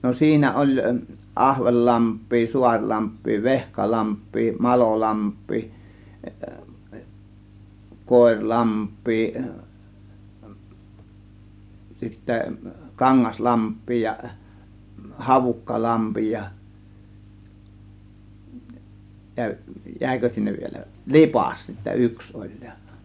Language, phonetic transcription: Finnish, no 'siinä oĺ , 'ˀAhvellamp̆pii , 'Suaŕlamp̆pii , 'Veh-kalamp̆pii , 'Malolamp̆pii , 'Kòėŕ 'lamp̆pii , sittä 'Kaŋŋas 'lamp̆pii ja , 'Havukkalampi ja , jä- , 'jä̀ikö sinnev vielä , "Lipàs sittä "yks oĺ JA .
- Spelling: no siinä oli Ahvenlampea Suurlampea Vehkalampea Malolampea Koira lampea sitten Kangas lampea ja Havukkalampi ja - jäikö sinne vielä Lipas sitten yksi oli ja

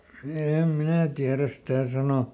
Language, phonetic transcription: Finnish, ˈèm "minä tiäräs sⁱtä̀ ˈsano .
- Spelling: en minä tiedä sitä sanoa

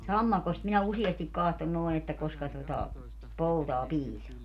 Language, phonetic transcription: Finnish, "sammakost minä 'usiestik 'kahton noi̮ että 'koska tota , 'poutaa "piisaa .
- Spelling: sammakosta minä useasti katson noin että koska tuota poutaa piisaa

